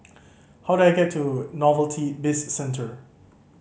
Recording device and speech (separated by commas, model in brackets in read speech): mobile phone (Samsung C5010), read sentence